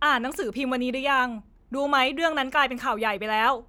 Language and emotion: Thai, angry